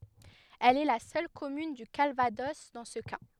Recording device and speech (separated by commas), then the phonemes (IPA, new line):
headset microphone, read sentence
ɛl ɛ la sœl kɔmyn dy kalvadɔs dɑ̃ sə ka